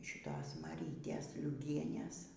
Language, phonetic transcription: Lithuanian, šiˈtos maˈrytės liuˈgienes

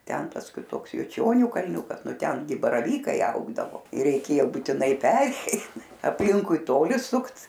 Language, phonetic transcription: Lithuanian, ˈten ˈtas kiˈtoks juˈčionių kalˈniukas ˈnu ˈten gi baraˈvykai ˈaugdavo ir reiˈkėjo būtiˈnai ˈperei apˈlinkui ˈtoli ˈsukt

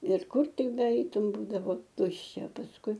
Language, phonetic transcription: Lithuanian, ir ˈkur ˈtik beˈeitum ˈbūdavo ˈtuščia pasˈkui

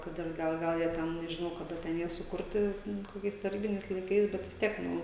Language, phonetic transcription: Lithuanian, ˈkad ir ˈgal ˈgal jie ˈten nežiˈnau kaˈda ˈten ˈjie suˈkurti ˈnu koˈkiais taˈrybiniais laiˈkais bet vis ˈtiek ˈnu

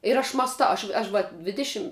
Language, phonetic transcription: Lithuanian, ir ˈaš mąsˈtau ˈaš' ˈaš va ˈdvidišim

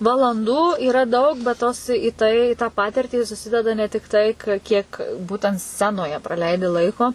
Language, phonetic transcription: Lithuanian, valanˈdų yˈra ˈdaug bet ˈtos į ˈtai i tą ˈpatirtį suˈsideda ne tikˈtai ka kiek ˈbūtent ˈscenoje praˈleidi ˈlaiko

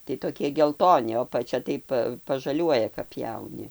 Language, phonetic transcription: Lithuanian, tai toˈkie gelˈtoni o apaˈčia ˈtai pa pažaˈliuoja kap ˈpjauni

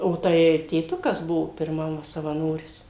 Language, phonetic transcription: Lithuanian, o ˈtai tėˈtukas ˈbuvo pirˈmam savaˈnoris

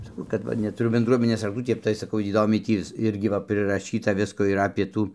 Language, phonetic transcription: Lithuanian, saˈkau kad ˈva netuˈru benˈdruominės rakˈtų ˈtep tai saˈkau įˈdomiai ˈtį vis ˈirgi va priraˈšyta ˈvisko ir apė ˈtų

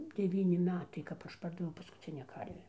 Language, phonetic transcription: Lithuanian, deˈvyni ˈmetai kap ˈaš ˈpardaviau paskuˈcinę ˈkarvę

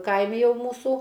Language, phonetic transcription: Lithuanian, ˈkaimi ˈjau ˈmūsų

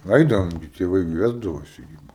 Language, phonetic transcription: Lithuanian, ˈaidavom gi tėˈvai gi ˈvesdavosi gi

